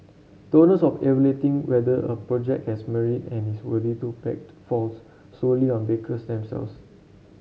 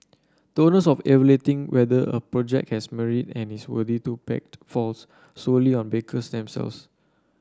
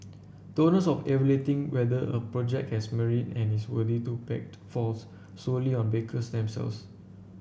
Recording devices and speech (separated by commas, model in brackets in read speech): mobile phone (Samsung C7), standing microphone (AKG C214), boundary microphone (BM630), read sentence